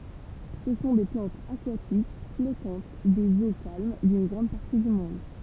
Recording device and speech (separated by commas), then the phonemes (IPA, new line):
temple vibration pickup, read sentence
sə sɔ̃ de plɑ̃tz akwatik flɔtɑ̃t dez o kalm dyn ɡʁɑ̃d paʁti dy mɔ̃d